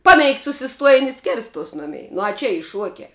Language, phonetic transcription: Lithuanian, ˈpaˌmeigt susiˈstuojin' i ˈskirstuos ˈnumei nu a ˈčia ˈy ˈšuokia

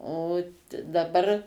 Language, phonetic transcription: Lithuanian, o daˈbar

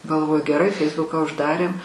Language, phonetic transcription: Lithuanian, galˈvoju geˈrai ˈfeisbuką užˈdarėm

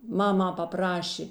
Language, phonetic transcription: Lithuanian, ˈmama paˈprašė

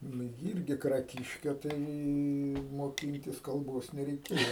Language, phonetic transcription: Lithuanian, ˈnu ji ˈirgi kraˈkiške ˈtai moˈkintis kalˈbos nereiˈkėjo

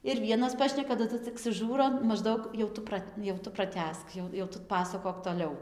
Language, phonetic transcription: Lithuanian, ir ˈvienas ˈpašneka taˈdu cik suˈžūro mažˈdaug jau ˈtu prat' jau ˈtu praˈtęsk ˈjau jau ˈtu ˈpasakok toˈliau

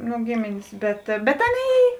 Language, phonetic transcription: Lithuanian, nu ˈgėmėnės ˈbet bet ˈaˌnėi

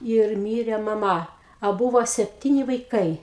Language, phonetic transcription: Lithuanian, ir ˈmyre maˈma a ˈbūvo sepˈtyni vaiˈkai

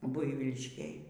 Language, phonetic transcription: Lithuanian, ˈbuivyliškėj

